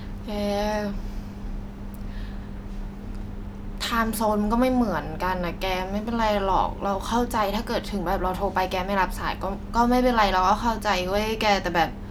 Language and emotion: Thai, frustrated